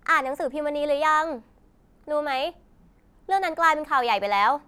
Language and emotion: Thai, neutral